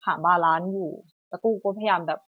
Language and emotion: Thai, frustrated